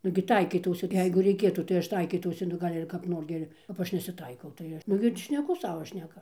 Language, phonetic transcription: Lithuanian, ˈnugi ˈtaikytausi ˈjeigu reiˈkėtų tai ˈaš ˈtaikytausi nu ˈgal' ir kap ˈnor gi ir kap ˈaš nesiˈtaikau tai ˈaš ˈnugi ti šneˈku ˈsavo ˈšneka

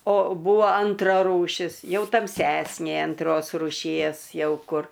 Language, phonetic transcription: Lithuanian, o ˈbūvo ˈantra rūˈšis ˈjau tamˈsesnė anˈtros ruˈšies ˈjau ˈkur

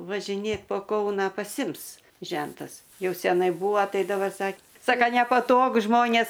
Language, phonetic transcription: Lithuanian, važiˈnėt po ˈkauną paˈsims ˈžentas ˈjau seˈnai ˈbūvo ˈtai dabar ˈsak ˈsaka nepaˈtogu ˈžmonės

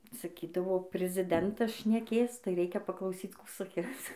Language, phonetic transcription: Lithuanian, saˈkydavo priziˈdentas šneˈkės tai ˈreikia paklauˈsyc ˈkų saˈkis

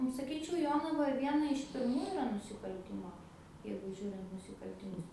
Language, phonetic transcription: Lithuanian, nu saˈkyčiau ˈjonava ˈviena iš pirˈmų iˈra nusikalˈtimo ˈjeigu ˈžiūrint nusikaltiˈmus

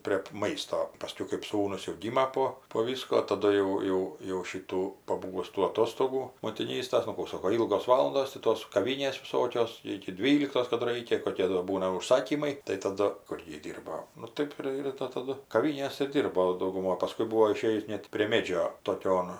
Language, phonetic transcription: Lithuanian, priep ˈmaisto paˈskiau kɜp ˈsūnus jau ˈgyma po po ˈvysko taˈdu jau ˈjau jau ˈšytų paˈbūvus tų aˈtostogų motiˈnystas nu ˈkų ˈsoko ˈylgos ˈvalandos ti ˈtos kaˈvynės viˈsokios ˌiki ˈdvyliktos ˈkadu ˈraikia koˈkie do ˈbūna užˈsakymai tai taˈdu ˈkur ji ˈdyrbo nu ˈtɜp ir ir ta taˈdu kaˈvynės ir ˈdyrbo dauguˈmoj paˈskui ˈbūo iˈšėjus ˈnet prie ˈmėdžio toˈkion

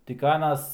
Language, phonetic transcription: Lithuanian, tik ˈanas

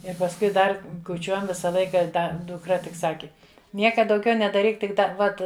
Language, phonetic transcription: Lithuanian, ir pasˈkui ˈdar kuˈčiuojam ˈvisa ˈlaika ˈda dukˈra tik ˈsaki ˈnieka dauˈgiau nedaˈryk tik ˈdar ˈvat

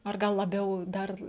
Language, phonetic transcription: Lithuanian, ar ˈgal laˈbiau ˈdar

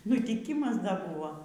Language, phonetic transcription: Lithuanian, nutiˈkymas ˈda ˈbuvo

